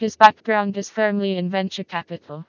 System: TTS, vocoder